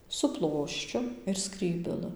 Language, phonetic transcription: Lithuanian, su ˈploščiu ir ˈskrybelɨ

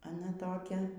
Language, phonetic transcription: Lithuanian, aˈna ˈtokia

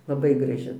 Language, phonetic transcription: Lithuanian, laˈbai graˈži

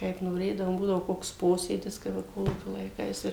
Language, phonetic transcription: Lithuanian, kaip noˈrėdavom ˈbūdavo ˈkoks ˈposėdis kaip ˈva ˈkolūkio laiˈkais ir

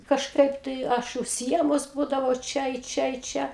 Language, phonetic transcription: Lithuanian, kažˈkaip tai ˈaš užsiˈiemus ˈbūdavau ˈčia i ˈčia i ˈčia

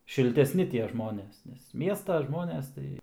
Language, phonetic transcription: Lithuanian, šilteˈsni tie ˈžmonės nes ˈmiesta ˈžmonės tai

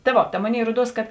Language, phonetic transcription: Lithuanian, ta ˈvo ta ˈmoˌnėi ˈruoˌduos kad

